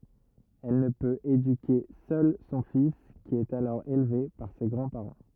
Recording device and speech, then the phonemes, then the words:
rigid in-ear microphone, read sentence
ɛl nə pøt edyke sœl sɔ̃ fis ki ɛt alɔʁ elve paʁ se ɡʁɑ̃dspaʁɑ̃
Elle ne peut éduquer seule son fils qui est alors élevé par ses grands-parents.

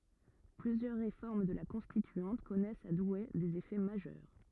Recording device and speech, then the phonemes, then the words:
rigid in-ear microphone, read sentence
plyzjœʁ ʁefɔʁm də la kɔ̃stityɑ̃t kɔnɛst a dwe dez efɛ maʒœʁ
Plusieurs réformes de la Constituante connaissent à Douai des effets majeurs.

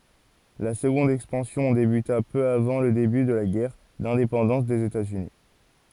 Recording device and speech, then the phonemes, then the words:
forehead accelerometer, read sentence
la səɡɔ̃d ɛkspɑ̃sjɔ̃ debyta pø avɑ̃ lə deby də la ɡɛʁ dɛ̃depɑ̃dɑ̃s dez etaz yni
La seconde expansion débuta peu avant le début de la guerre d'indépendance des États-Unis.

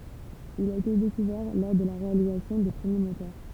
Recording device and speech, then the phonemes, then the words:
temple vibration pickup, read sentence
il a ete dekuvɛʁ lɔʁ də la ʁealizasjɔ̃ de pʁəmje motœʁ
Il a été découvert lors de la réalisation des premiers moteurs.

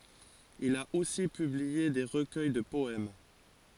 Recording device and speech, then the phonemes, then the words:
forehead accelerometer, read sentence
il a osi pyblie de ʁəkœj də pɔɛm
Il a aussi publié des recueils de poèmes.

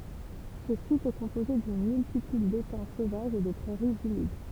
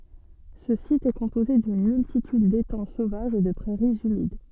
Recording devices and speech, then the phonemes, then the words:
temple vibration pickup, soft in-ear microphone, read sentence
sə sit ɛ kɔ̃poze dyn myltityd detɑ̃ sovaʒz e də pʁɛʁiz ymid
Ce site est composé d'une multitude d'étangs sauvages et de prairies humides.

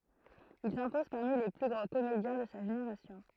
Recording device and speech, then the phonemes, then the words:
throat microphone, read sentence
il sɛ̃pɔz paʁmi le ply ɡʁɑ̃ komedjɛ̃ də sa ʒeneʁasjɔ̃
Il s'impose parmi les plus grands comédiens de sa génération.

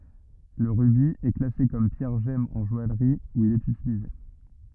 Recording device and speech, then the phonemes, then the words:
rigid in-ear microphone, read sentence
lə ʁybi ɛ klase kɔm pjɛʁ ʒɛm ɑ̃ ʒɔajʁi u il ɛt ytilize
Le rubis est classé comme pierre gemme en joaillerie, où il est utilisé.

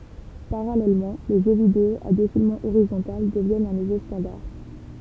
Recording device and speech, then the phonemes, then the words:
temple vibration pickup, read sentence
paʁalɛlmɑ̃ le ʒø video a defilmɑ̃ oʁizɔ̃tal dəvjɛnt œ̃ nuvo stɑ̃daʁ
Parallèlement, les jeux vidéo à défilement horizontal deviennent un nouveau standard.

